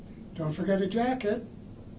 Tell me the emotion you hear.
neutral